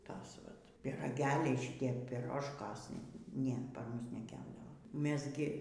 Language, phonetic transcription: Lithuanian, ˈtas ˈvat pyraˈgeliai šiˈtie piˈrožkos ˈne ˈpar ˈmus neˈkepdavo ˈmes gi

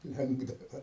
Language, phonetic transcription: Lithuanian, ˈlenkdava

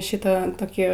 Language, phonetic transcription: Lithuanian, ˈšita toˈkį

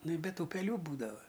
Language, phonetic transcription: Lithuanian, ˈnu i ˈbet ˈtų peˈlių ˈbūdava

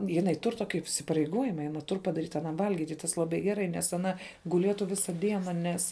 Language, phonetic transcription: Lithuanian, jiˈnai ˈtur ˈtoki įsipareiˈgojima i aˈna ˈtur padaˈryt aˈnam ˈvalgyt' ˈtas laˈbai geˈrai nes aˈna guˈlietu ˈvisa ˈdiena ˈnes

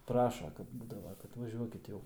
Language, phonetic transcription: Lithuanian, ˈpraša ˈkad ˈbūdava kad vaˈžiuokit ˈjau

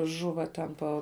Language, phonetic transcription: Lithuanian, ˈžuva ten ˈpo

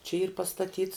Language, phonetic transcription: Lithuanian, čia yr pastaˈtyts

